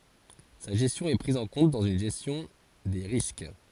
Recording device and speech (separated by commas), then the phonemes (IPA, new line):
forehead accelerometer, read sentence
sa ʒɛstjɔ̃ ɛ pʁiz ɑ̃ kɔ̃t dɑ̃z yn ʒɛstjɔ̃ de ʁisk